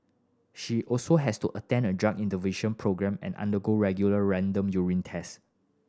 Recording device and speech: standing microphone (AKG C214), read sentence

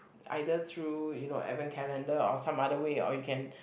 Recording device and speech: boundary microphone, conversation in the same room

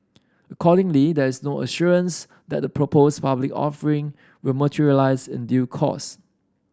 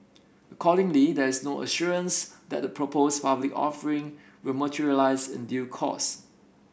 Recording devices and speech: standing microphone (AKG C214), boundary microphone (BM630), read sentence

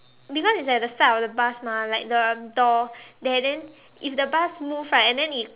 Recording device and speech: telephone, conversation in separate rooms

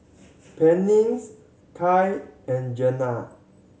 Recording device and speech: mobile phone (Samsung C7100), read sentence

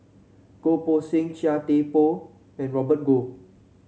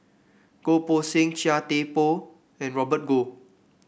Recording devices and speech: mobile phone (Samsung C7), boundary microphone (BM630), read sentence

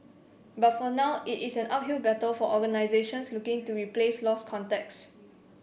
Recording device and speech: boundary microphone (BM630), read sentence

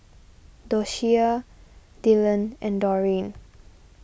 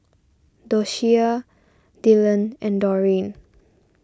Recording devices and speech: boundary microphone (BM630), standing microphone (AKG C214), read sentence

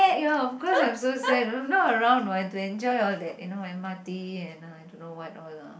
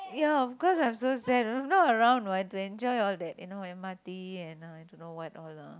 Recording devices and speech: boundary microphone, close-talking microphone, conversation in the same room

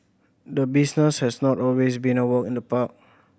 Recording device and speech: boundary microphone (BM630), read sentence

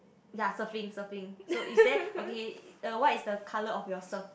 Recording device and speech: boundary microphone, conversation in the same room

